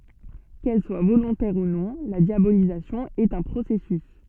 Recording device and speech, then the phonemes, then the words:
soft in-ear microphone, read sentence
kɛl swa volɔ̃tɛʁ u nɔ̃ la djabolizasjɔ̃ ɛt œ̃ pʁosɛsys
Qu’elle soit volontaire ou non, la diabolisation est un processus.

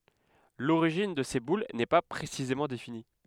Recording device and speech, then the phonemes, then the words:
headset microphone, read sentence
loʁiʒin də se bul nɛ pa pʁesizemɑ̃ defini
L'origine de ces boules n'est pas précisément définie.

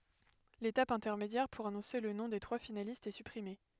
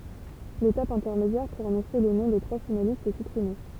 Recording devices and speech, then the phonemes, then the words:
headset microphone, temple vibration pickup, read sentence
letap ɛ̃tɛʁmedjɛʁ puʁ anɔ̃se lə nɔ̃ de tʁwa finalistz ɛ sypʁime
L’étape intermédiaire pour annoncer le nom des trois finalistes est supprimée.

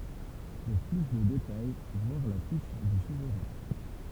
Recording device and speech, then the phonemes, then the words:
temple vibration pickup, read sentence
puʁ ply də detaj vwaʁ la fiʃ dy suvʁɛ̃
Pour plus de détails voir la fiche du souverain.

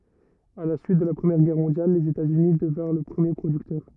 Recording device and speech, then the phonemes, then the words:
rigid in-ear microphone, read sentence
a la syit də la pʁəmjɛʁ ɡɛʁ mɔ̃djal lez etaz yni dəvɛ̃ʁ lə pʁəmje pʁodyktœʁ
À la suite de la Première Guerre mondiale, les États-Unis devinrent le premier producteur.

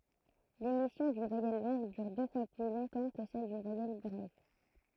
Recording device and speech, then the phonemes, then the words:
throat microphone, read sentence
lemisjɔ̃ dyn vwajɛl lɔ̃ɡ dyʁ dø fwa ply lɔ̃tɑ̃ kə sɛl dyn vwajɛl bʁɛv
L'émission d'une voyelle longue dure deux fois plus longtemps que celle d'une voyelle brève.

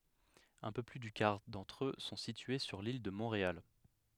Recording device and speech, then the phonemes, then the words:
headset microphone, read sentence
œ̃ pø ply dy kaʁ dɑ̃tʁ ø sɔ̃ sitye syʁ lil də mɔ̃ʁeal
Un peu plus du quart d'entre eux sont situés sur l'île de Montréal.

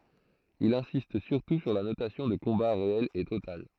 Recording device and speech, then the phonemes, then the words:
throat microphone, read sentence
il ɛ̃sist syʁtu syʁ la nosjɔ̃ də kɔ̃ba ʁeɛl e total
Il insiste surtout sur la notion de combat réel et total.

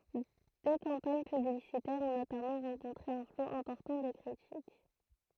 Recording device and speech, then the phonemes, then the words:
throat microphone, read sentence
dø kɑ̃paɲ pyblisitɛʁz ɔ̃ notamɑ̃ ʁɑ̃kɔ̃tʁe œ̃ flo ɛ̃pɔʁtɑ̃ də kʁitik
Deux campagnes publicitaires ont notamment rencontré un flot important de critiques.

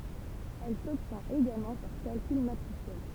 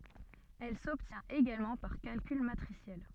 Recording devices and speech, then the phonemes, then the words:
temple vibration pickup, soft in-ear microphone, read sentence
ɛl sɔbtjɛ̃t eɡalmɑ̃ paʁ kalkyl matʁisjɛl
Elle s'obtient également par calcul matriciel.

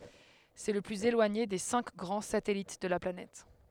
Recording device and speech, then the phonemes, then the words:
headset microphone, read sentence
sɛ lə plyz elwaɲe de sɛ̃k ɡʁɑ̃ satɛlit də la planɛt
C'est le plus éloigné des cinq grands satellites de la planète.

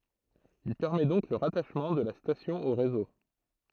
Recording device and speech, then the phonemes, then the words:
throat microphone, read sentence
il pɛʁmɛ dɔ̃k lə ʁataʃmɑ̃ də la stasjɔ̃ o ʁezo
Il permet donc le rattachement de la station au réseau.

